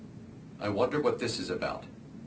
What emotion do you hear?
neutral